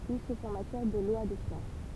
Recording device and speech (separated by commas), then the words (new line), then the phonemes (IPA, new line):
temple vibration pickup, read sentence
Oui, sauf en matière de lois de finances.
wi sof ɑ̃ matjɛʁ də lwa də finɑ̃s